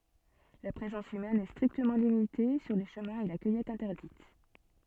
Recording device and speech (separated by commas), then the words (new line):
soft in-ear microphone, read sentence
La présence humaine est strictement limitée sur les chemins et la cueillette interdite.